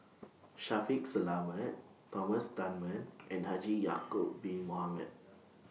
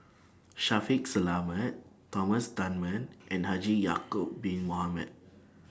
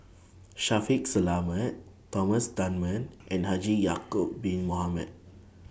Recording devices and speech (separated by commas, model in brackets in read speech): mobile phone (iPhone 6), standing microphone (AKG C214), boundary microphone (BM630), read sentence